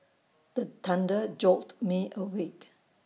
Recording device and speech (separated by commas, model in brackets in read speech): mobile phone (iPhone 6), read sentence